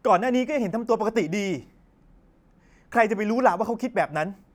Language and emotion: Thai, angry